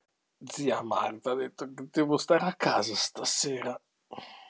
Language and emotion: Italian, angry